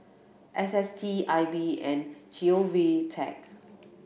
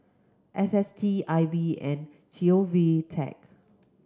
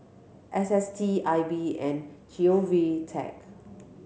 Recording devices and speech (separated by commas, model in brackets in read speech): boundary microphone (BM630), close-talking microphone (WH30), mobile phone (Samsung C7100), read sentence